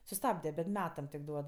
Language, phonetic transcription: Lithuanian, suˈstabde bet ˈmetam tik ˈduod

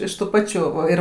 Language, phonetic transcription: Lithuanian, ˈiš tų ˈpačių o ˈir

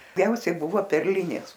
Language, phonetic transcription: Lithuanian, ˈgiausiai ˈbuvo perˈlinės

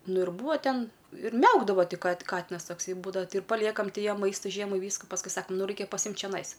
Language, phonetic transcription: Lithuanian, ˈnu ir ˈbūa ˈten ir ˈmiaukdavo ˈti ka ˈkatinas tokˈsai ˈbūdava ti ir paˈliekam ˈti ˈjam ˈmaista ˈžiemai ˈvysku pasˈkui ˈsakam ˈnu ˈraikia paˈsimt čeˈnais

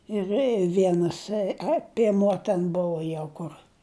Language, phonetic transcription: Lithuanian, ir ˈvienas a pieˈmuo ten ˈbuvo ˈjau ˈkur

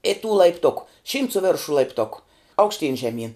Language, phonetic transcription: Lithuanian, i tų laipˈtuku šymt su ˈveršu laipˈtuku aukšˈtyn žeˈmyn

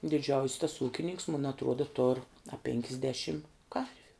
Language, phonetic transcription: Lithuanian, diˈdžiaus' tas ˈūkininks mun atˈruoda tor a pėnkisˈdėšim ˈkarviu

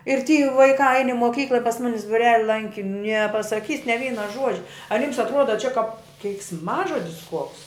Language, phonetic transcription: Lithuanian, ir ty vaiˈkā ain i moˈkykla i pas ˈmunis buˈreli ˈlanki nepasaˈkys ne ˈvyna ˈžuodžia ar jyms atˈruoda čia kap keiksˈmažodis kuoks

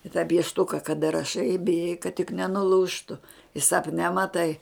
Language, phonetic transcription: Lithuanian, i tą piešˈtuka kaˈda raˈšai i biˈjai kad tik nenuˈlūžtu i sapˈne maˈtai

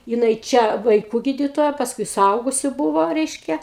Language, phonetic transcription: Lithuanian, jiˈnai ˈčia vaiˈkų ˈgyditoja pasˈkui suˈaugusiu ˈbūvo ˈreiškia

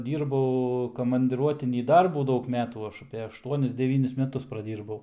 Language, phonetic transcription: Lithuanian, ˈdyrbau komandiˈruotinį ˈdarbų ˈdaug ˈmetų ˈaš apė ašˈtuonis deˈvynis meˈtus praˈdyrbau

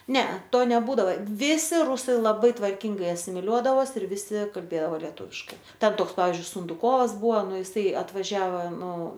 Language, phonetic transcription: Lithuanian, ˈnea ˈto neˈbūdava ˈvisi ˈrusai laˈbai tvarˈkingai asimiˈliuodavos ir viˈsi kalˈbėdao leˈtūviškai ˈten ˈtoks ˈpavizdžiui sunduˈkovas ˈbuva ˈnu jiˈsai atvaˈžiava ˈnu

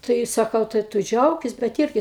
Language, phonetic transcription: Lithuanian, ˈtai saˈkau tai ˈtu ˈdžiaukis bet ˈirgi

